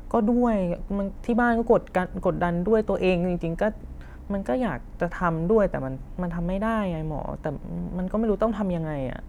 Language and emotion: Thai, frustrated